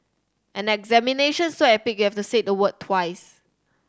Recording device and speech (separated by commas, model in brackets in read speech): standing microphone (AKG C214), read sentence